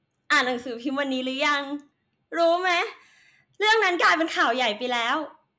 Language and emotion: Thai, happy